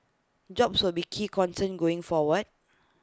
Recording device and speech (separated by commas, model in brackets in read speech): close-talking microphone (WH20), read sentence